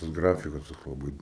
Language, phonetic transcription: Lithuanian, tas ˈgrafikas toks laˈbɨi

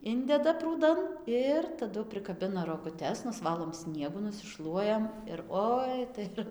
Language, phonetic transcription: Lithuanian, ˈindeda prūˈdan ˈir taˈdu prikaˈbina roguˈtes nusˈvalom ˈsniegu nusiˈšluojam ir ˈoi tai ˈir

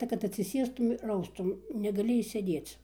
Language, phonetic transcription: Lithuanian, ta kad atsiˈsėstum ir ˈaustum negaˈli išsėˈdėc

